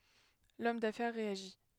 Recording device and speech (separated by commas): headset microphone, read sentence